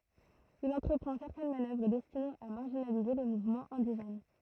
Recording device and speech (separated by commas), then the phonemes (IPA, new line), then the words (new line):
throat microphone, read sentence
il ɑ̃tʁəpʁɑ̃ sɛʁtɛn manœvʁ dɛstinez a maʁʒinalize le muvmɑ̃z ɛ̃diʒɛn
Il entreprend certaines manœuvres destinées à marginaliser les mouvements indigènes.